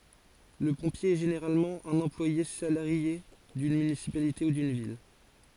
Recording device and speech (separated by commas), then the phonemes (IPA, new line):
forehead accelerometer, read sentence
lə pɔ̃pje ɛ ʒeneʁalmɑ̃ œ̃n ɑ̃plwaje salaʁje dyn mynisipalite u dyn vil